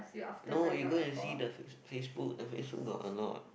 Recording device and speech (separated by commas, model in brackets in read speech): boundary microphone, conversation in the same room